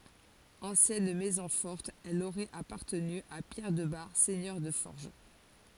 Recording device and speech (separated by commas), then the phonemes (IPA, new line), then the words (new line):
forehead accelerometer, read sentence
ɑ̃sjɛn mɛzɔ̃ fɔʁt ɛl oʁɛt apaʁtəny a pjɛʁ də baʁ sɛɲœʁ də fɔʁʒ
Ancienne maison forte, elle aurait appartenu à Pierre de Bar, seigneur de Forges.